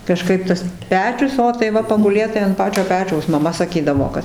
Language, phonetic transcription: Lithuanian, kaˈžkaip tas ˈpečius ˈo tai ˈva paguˈlėt tai ant ˈpačio ˈpečiaus maˈma saˈkydavo ˈkad

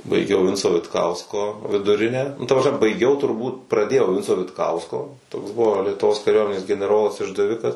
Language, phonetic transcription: Lithuanian, baiˈgiau ˈvinco vitˈkausko viduˈrinę nu ˈta prasˈme baiˈgiau turˈbūt praˈdėjau ˈvinco vitˈkausko toks ˈbuvo lietuˈvos kaˈriuomenės geneˈrolas išdaˈvikas

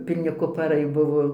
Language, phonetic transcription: Lithuanian, pilˈni kupaˈrai ˈbuvo

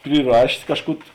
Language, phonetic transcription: Lithuanian, priˈrašės ˈkažˌkų

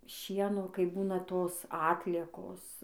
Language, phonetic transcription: Lithuanian, ˈšieno kai ˈbūna ˈtos ˈatliekos

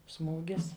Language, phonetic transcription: Lithuanian, ˈsmūgis

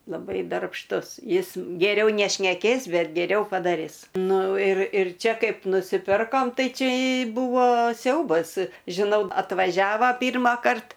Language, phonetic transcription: Lithuanian, laˈbai darbšˈtus ˈjis geˈriau nešneˈkės ˈbet geˈriau padaˈris ˈnu ir ir ˈčia ˈkaip nusiˈpirkom ˈtai ˈčia ˈbūvo ˈsiaubas žiˈnau atvaˈžiava ˈpyrmąkart

